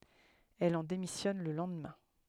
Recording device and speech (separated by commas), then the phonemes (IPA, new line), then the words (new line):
headset microphone, read sentence
ɛl ɑ̃ demisjɔn lə lɑ̃dmɛ̃
Elle en démissionne le lendemain.